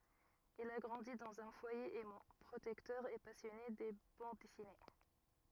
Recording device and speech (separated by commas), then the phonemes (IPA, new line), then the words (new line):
rigid in-ear microphone, read sentence
il a ɡʁɑ̃di dɑ̃z œ̃ fwaje ɛmɑ̃ pʁotɛktœʁ e pasjɔne də bɑ̃d dɛsine
Il a grandi dans un foyer aimant, protecteur et passionné de bandes dessinées.